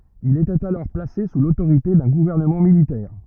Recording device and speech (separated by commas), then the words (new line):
rigid in-ear microphone, read sentence
Il était alors placé sous l'autorité d'un gouvernement militaire.